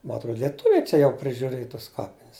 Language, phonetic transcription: Lithuanian, ma atˈrod lieˈtuviai ˈčia jau prižiuˈrėj tas ˈkapinis

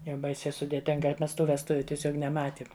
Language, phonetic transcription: Lithuanian, jau ˈbaisiai sudėˈtinga ˈmes ˈtų vesˈtuviu tieˈsiog neˈmatiem

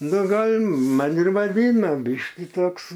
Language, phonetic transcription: Lithuanian, nu ˈgal' ˈman ir vaˈdyna ˈbyški ˈtoks

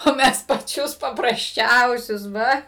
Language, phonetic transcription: Lithuanian, o ˈmes paˈčius paprasˈčiausius ˈva

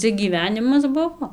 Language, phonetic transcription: Lithuanian, ˈcia gyˈvenimas ˈbuvo

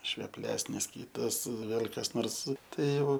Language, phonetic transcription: Lithuanian, šveˈplesnis ˈkytas ˈvėl' kas ˈnors ˈtai ˈjau

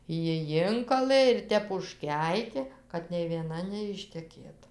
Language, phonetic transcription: Lithuanian, ˈji ˈjinkalɘ ir ˈtep užˈkeikė kad nei vieˈna neišteˈkėt

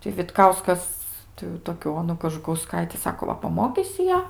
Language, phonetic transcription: Lithuanian, ti vitˈkauskas tai jau ˈtokiu ˈonu kažukauˈskaiti ˈsako ˈva paˈmokysi ˈją

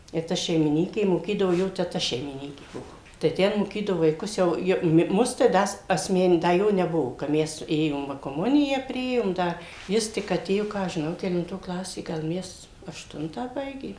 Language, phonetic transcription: Lithuanian, i ˈta šeimiˈnykė moˈkydavo ˈjo teˈta šeimiˈnykė ˈbuo tai ˈten moˈkydavo vaiˈkus ˈjau jo ˈmus tai ˈda s asˈmen ˈda ˈjo neˈbuvo ka ˈmes ˈėjom ˈva koˈmuniją ˈpriėjom ˈda ˈjis tik aˈtėjo ˈką aš žiˈnau kelinˈto ˈklasė ˈgal ˈmes ašˈtuntą ˈbaigė

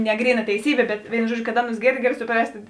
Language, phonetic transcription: Lithuanian, ne ˈgryˌna teiˈsybė bet ˈvėinu ˈžuodˌžiu kad ˈaˌnus ˈgėrˌdi ˈgali suˈprast'

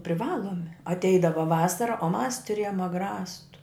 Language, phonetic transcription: Lithuanian, priˈvalomi atˈeidava ˈvasara o mas tuˈrėjom agˈrastu

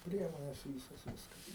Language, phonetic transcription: Lithuanian, ˈpriemones ˈvysos ˈviskas

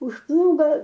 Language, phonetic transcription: Lithuanian, už ˈplūgo

